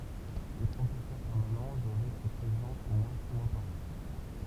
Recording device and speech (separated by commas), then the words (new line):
temple vibration pickup, read sentence
Les professeurs permanents doivent être présents au moins six mois par an.